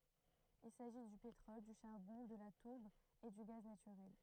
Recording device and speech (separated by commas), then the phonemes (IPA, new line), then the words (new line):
throat microphone, read sentence
il saʒi dy petʁɔl dy ʃaʁbɔ̃ də la tuʁb e dy ɡaz natyʁɛl
Il s’agit du pétrole, du charbon, de la tourbe et du gaz naturel.